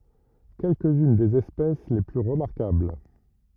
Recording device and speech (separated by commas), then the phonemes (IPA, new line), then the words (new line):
rigid in-ear microphone, read sentence
kɛlkəz yn dez ɛspɛs le ply ʁəmaʁkabl
Quelques-unes des espèces les plus remarquables.